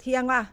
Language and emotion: Thai, neutral